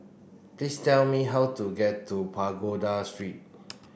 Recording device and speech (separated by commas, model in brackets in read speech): boundary microphone (BM630), read sentence